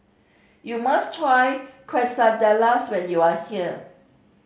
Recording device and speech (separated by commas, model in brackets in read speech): mobile phone (Samsung C5010), read sentence